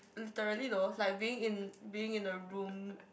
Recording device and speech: boundary microphone, conversation in the same room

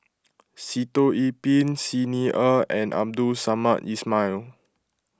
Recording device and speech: close-talking microphone (WH20), read sentence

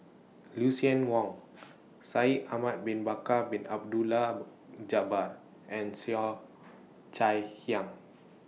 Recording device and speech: mobile phone (iPhone 6), read sentence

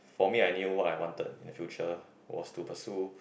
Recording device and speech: boundary microphone, conversation in the same room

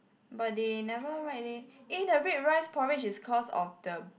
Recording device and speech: boundary microphone, conversation in the same room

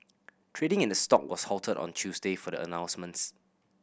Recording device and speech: boundary microphone (BM630), read sentence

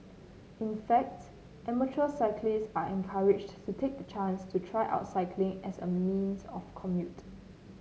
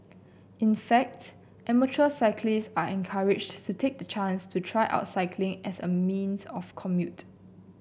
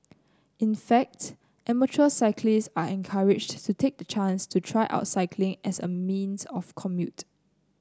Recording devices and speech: mobile phone (Samsung C9), boundary microphone (BM630), close-talking microphone (WH30), read sentence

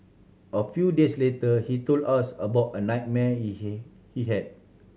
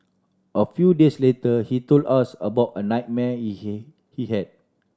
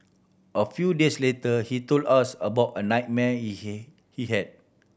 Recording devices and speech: mobile phone (Samsung C7100), standing microphone (AKG C214), boundary microphone (BM630), read sentence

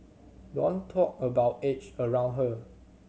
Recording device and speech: mobile phone (Samsung C7100), read sentence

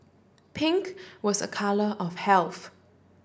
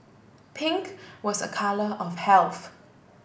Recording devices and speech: standing microphone (AKG C214), boundary microphone (BM630), read sentence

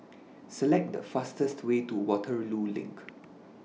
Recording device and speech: mobile phone (iPhone 6), read sentence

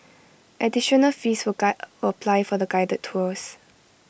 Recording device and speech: boundary microphone (BM630), read sentence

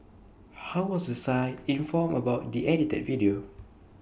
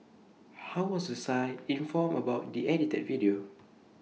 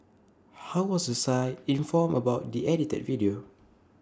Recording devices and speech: boundary microphone (BM630), mobile phone (iPhone 6), standing microphone (AKG C214), read sentence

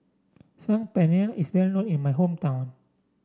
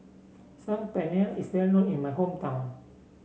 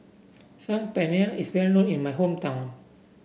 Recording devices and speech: standing microphone (AKG C214), mobile phone (Samsung C7), boundary microphone (BM630), read sentence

